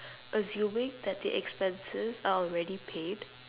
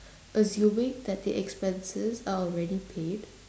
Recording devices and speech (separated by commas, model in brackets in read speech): telephone, standing microphone, conversation in separate rooms